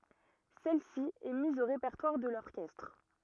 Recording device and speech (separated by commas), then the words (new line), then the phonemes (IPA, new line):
rigid in-ear microphone, read sentence
Celle-ci est mise au répertoire de l'orchestre.
sɛl si ɛ miz o ʁepɛʁtwaʁ də lɔʁkɛstʁ